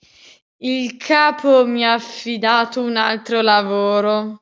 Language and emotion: Italian, disgusted